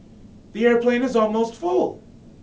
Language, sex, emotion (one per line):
English
male
neutral